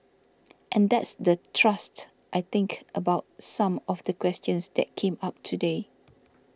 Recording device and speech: standing microphone (AKG C214), read sentence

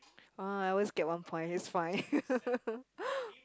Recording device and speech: close-talking microphone, conversation in the same room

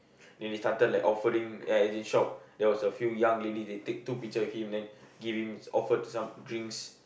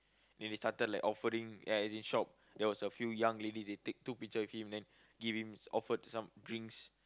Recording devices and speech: boundary microphone, close-talking microphone, conversation in the same room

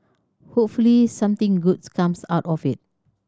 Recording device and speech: standing microphone (AKG C214), read sentence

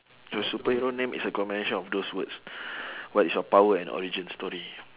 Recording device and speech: telephone, conversation in separate rooms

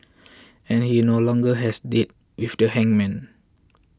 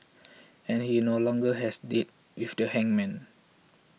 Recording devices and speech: close-talking microphone (WH20), mobile phone (iPhone 6), read sentence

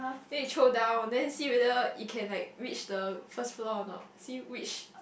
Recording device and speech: boundary microphone, conversation in the same room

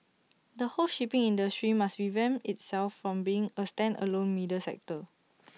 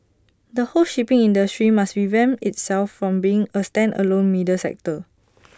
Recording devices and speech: mobile phone (iPhone 6), standing microphone (AKG C214), read sentence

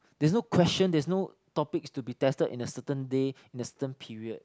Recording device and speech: close-talking microphone, conversation in the same room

